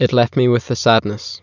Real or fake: real